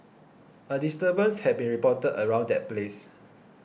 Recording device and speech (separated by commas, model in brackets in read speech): boundary microphone (BM630), read sentence